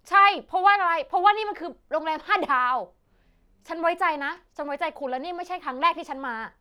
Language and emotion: Thai, angry